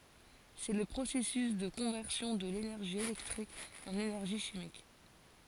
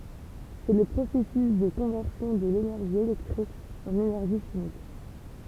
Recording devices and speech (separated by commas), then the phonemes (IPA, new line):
forehead accelerometer, temple vibration pickup, read sentence
sɛ lə pʁosɛsys də kɔ̃vɛʁsjɔ̃ də lenɛʁʒi elɛktʁik ɑ̃n enɛʁʒi ʃimik